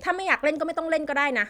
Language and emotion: Thai, frustrated